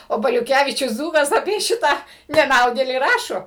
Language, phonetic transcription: Lithuanian, o baliuˈkævyčius ˈdzūkas apie ˈšitą neˈnaudėlį ˈrašo

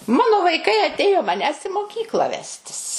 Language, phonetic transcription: Lithuanian, ˈmano vaiˈkai aˈtėjo maˈnęs i moˈkykla ˈvestis

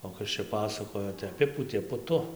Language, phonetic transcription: Lithuanian, o ˈkas čia ˈpasakojo tai aˈpipūtė puˈtu

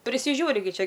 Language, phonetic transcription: Lithuanian, prisiˈžiūri gi ˈčia

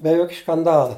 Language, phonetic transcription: Lithuanian, be ˈjok' škanˈdala

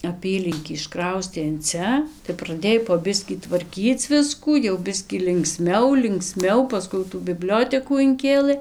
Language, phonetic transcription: Lithuanian, aˈpylinkį išˈkraustė in ˈcia tai praˈdėj po ˈbiskį tvarˈkyc ˈviskų jau ˈbiskį linkˈsmiau linkˈsmiau paˈskui jau tų biˈbliotekų inˈkėlɘ

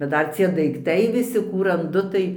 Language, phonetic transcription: Lithuanian, bet ˈdar cie daikˈtai viˈsi ˈkų ranˈdu tai

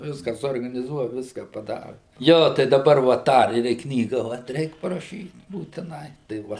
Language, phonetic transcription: Lithuanian, ˈviska suorganiˈzuoja ˈviska paˈdara ˈjo tai daˈbar va ˈtą ir i ˈknyga vat ˈreik paraˈšyt būtiˈnai tai ˈva

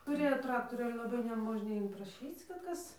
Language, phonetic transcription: Lithuanian, tuˈrėjo ˈtraktorių ˈale laˈbai neˈmožnia inpraˈšyc kad ˈkas

